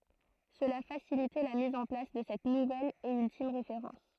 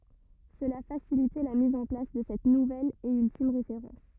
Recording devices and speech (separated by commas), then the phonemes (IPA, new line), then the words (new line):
throat microphone, rigid in-ear microphone, read sentence
səla fasilitɛ la miz ɑ̃ plas də sɛt nuvɛl e yltim ʁefeʁɑ̃s
Cela facilitait la mise en place de cette nouvelle et ultime référence.